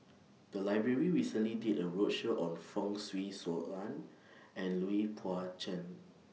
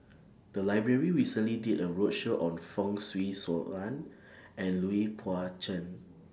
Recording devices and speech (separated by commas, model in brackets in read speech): mobile phone (iPhone 6), standing microphone (AKG C214), read sentence